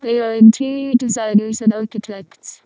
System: VC, vocoder